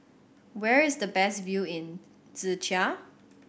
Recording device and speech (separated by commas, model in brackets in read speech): boundary microphone (BM630), read sentence